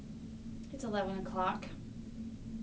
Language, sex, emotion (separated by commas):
English, female, neutral